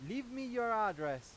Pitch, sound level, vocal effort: 225 Hz, 101 dB SPL, very loud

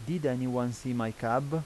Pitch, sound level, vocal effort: 125 Hz, 85 dB SPL, normal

